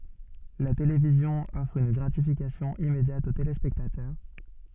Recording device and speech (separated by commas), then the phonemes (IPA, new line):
soft in-ear microphone, read sentence
la televizjɔ̃ ɔfʁ yn ɡʁatifikasjɔ̃ immedjat o telespɛktatœʁ